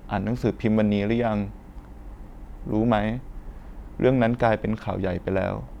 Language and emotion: Thai, neutral